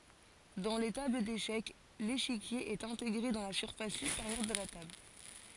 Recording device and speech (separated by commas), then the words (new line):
forehead accelerometer, read sentence
Dans les tables d'échecs, l'échiquier est intégré dans la surface supérieure de la table.